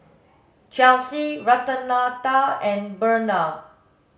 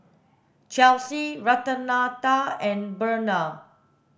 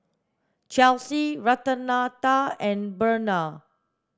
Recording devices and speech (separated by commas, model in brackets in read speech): mobile phone (Samsung S8), boundary microphone (BM630), standing microphone (AKG C214), read sentence